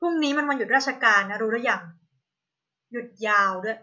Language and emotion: Thai, frustrated